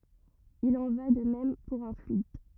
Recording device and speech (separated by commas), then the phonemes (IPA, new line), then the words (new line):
rigid in-ear microphone, read sentence
il ɑ̃ va də mɛm puʁ œ̃ flyid
Il en va de même pour un fluide.